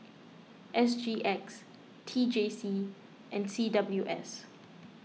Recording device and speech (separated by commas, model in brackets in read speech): mobile phone (iPhone 6), read sentence